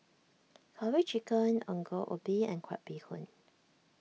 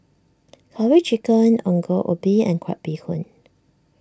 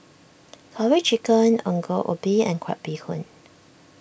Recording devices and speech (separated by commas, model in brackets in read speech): mobile phone (iPhone 6), standing microphone (AKG C214), boundary microphone (BM630), read sentence